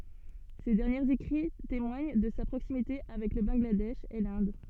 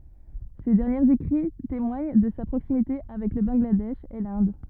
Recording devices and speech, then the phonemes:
soft in-ear microphone, rigid in-ear microphone, read sentence
se dɛʁnjez ekʁi temwaɲ də sa pʁoksimite avɛk lə bɑ̃ɡladɛʃ e lɛ̃d

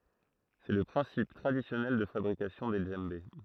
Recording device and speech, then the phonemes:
throat microphone, read sentence
sɛ lə pʁɛ̃sip tʁadisjɔnɛl də fabʁikasjɔ̃ de dʒɑ̃be

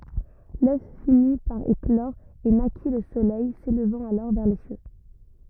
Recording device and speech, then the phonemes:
rigid in-ear microphone, read sentence
lœf fini paʁ eklɔʁ e naki lə solɛj selvɑ̃t alɔʁ vɛʁ le sjø

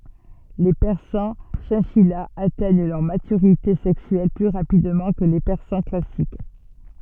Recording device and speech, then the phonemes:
soft in-ear microphone, read sentence
le pɛʁsɑ̃ ʃɛ̃ʃijaz atɛɲ lœʁ matyʁite sɛksyɛl ply ʁapidmɑ̃ kə le pɛʁsɑ̃ klasik

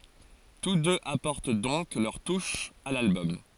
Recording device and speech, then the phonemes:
forehead accelerometer, read sentence
tus døz apɔʁt dɔ̃k lœʁ tuʃ a lalbɔm

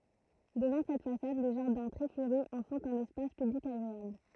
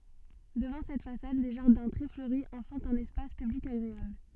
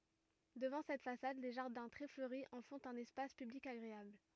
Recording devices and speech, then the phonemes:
throat microphone, soft in-ear microphone, rigid in-ear microphone, read sentence
dəvɑ̃ sɛt fasad le ʒaʁdɛ̃ tʁɛ fløʁi ɑ̃ fɔ̃t œ̃n ɛspas pyblik aɡʁeabl

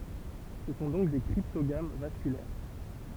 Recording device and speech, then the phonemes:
temple vibration pickup, read sentence
sə sɔ̃ dɔ̃k de kʁiptoɡam vaskylɛʁ

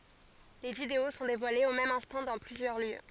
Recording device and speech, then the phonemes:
forehead accelerometer, read sentence
le video sɔ̃ devwalez o mɛm ɛ̃stɑ̃ dɑ̃ plyzjœʁ ljø

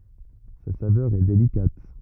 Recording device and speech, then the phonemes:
rigid in-ear microphone, read sentence
sa savœʁ ɛ delikat

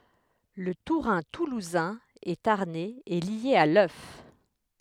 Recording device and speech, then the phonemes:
headset microphone, read sentence
lə tuʁɛ̃ tuluzɛ̃ e taʁnɛz ɛ lje a lœf

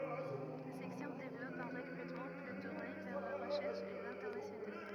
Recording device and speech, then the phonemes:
rigid in-ear microphone, read sentence
la sɛksjɔ̃ devlɔp œ̃ ʁəkʁytmɑ̃ ply tuʁne vɛʁ la ʁəʃɛʁʃ e lɛ̃tɛʁnasjonal

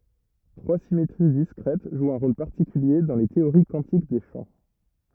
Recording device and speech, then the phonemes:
rigid in-ear microphone, read sentence
tʁwa simetʁi diskʁɛt ʒwt œ̃ ʁol paʁtikylje dɑ̃ le teoʁi kwɑ̃tik de ʃɑ̃

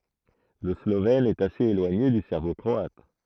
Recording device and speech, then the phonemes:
throat microphone, read sentence
lə slovɛn ɛt asez elwaɲe dy sɛʁbo kʁɔat

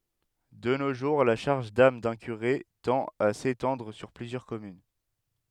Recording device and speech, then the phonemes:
headset microphone, read sentence
də no ʒuʁ la ʃaʁʒ dam dœ̃ kyʁe tɑ̃t a setɑ̃dʁ syʁ plyzjœʁ kɔmyn

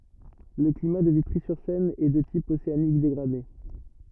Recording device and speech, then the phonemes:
rigid in-ear microphone, read sentence
lə klima də vitʁizyʁsɛn ɛ də tip oseanik deɡʁade

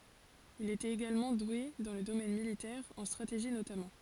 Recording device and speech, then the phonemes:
forehead accelerometer, read sentence
il etɛt eɡalmɑ̃ dwe dɑ̃ lə domɛn militɛʁ ɑ̃ stʁateʒi notamɑ̃

